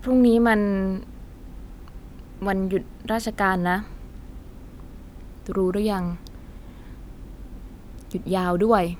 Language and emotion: Thai, frustrated